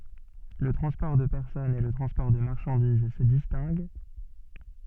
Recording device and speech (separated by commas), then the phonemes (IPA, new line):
soft in-ear microphone, read sentence
lə tʁɑ̃spɔʁ də pɛʁsɔnz e lə tʁɑ̃spɔʁ də maʁʃɑ̃diz sə distɛ̃ɡ